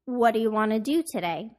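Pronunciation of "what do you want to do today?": "What do you" is said as "what do ya", and "want to" is said as "wanna".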